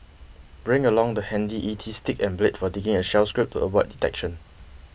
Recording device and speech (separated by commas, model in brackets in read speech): boundary microphone (BM630), read sentence